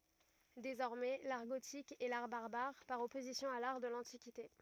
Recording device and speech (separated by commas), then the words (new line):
rigid in-ear microphone, read sentence
Désormais, l’art gothique est l’art barbare par opposition à l’art de l’Antiquité.